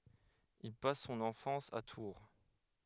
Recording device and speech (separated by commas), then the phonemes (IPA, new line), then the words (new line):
headset microphone, read sentence
il pas sɔ̃n ɑ̃fɑ̃s a tuʁ
Il passe son enfance à Tours.